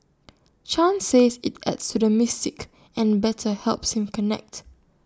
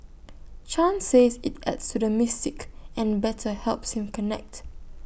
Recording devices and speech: standing microphone (AKG C214), boundary microphone (BM630), read sentence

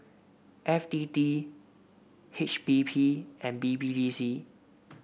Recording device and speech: boundary microphone (BM630), read sentence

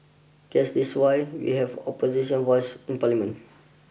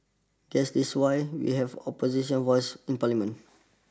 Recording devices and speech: boundary microphone (BM630), standing microphone (AKG C214), read sentence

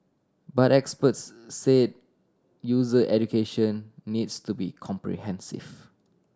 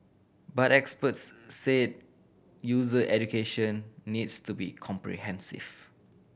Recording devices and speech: standing microphone (AKG C214), boundary microphone (BM630), read sentence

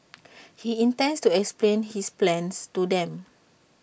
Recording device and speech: boundary microphone (BM630), read sentence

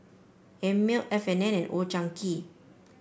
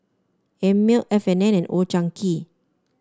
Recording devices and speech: boundary microphone (BM630), standing microphone (AKG C214), read sentence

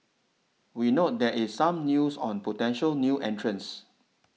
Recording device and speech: mobile phone (iPhone 6), read sentence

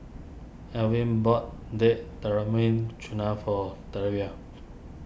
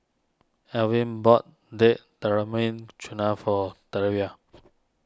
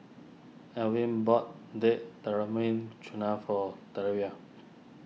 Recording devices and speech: boundary microphone (BM630), standing microphone (AKG C214), mobile phone (iPhone 6), read sentence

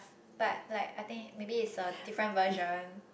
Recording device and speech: boundary microphone, conversation in the same room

